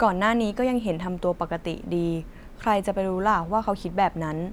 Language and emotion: Thai, neutral